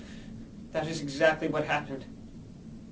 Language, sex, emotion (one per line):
English
male
fearful